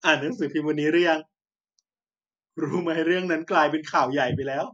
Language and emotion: Thai, sad